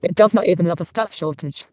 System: VC, vocoder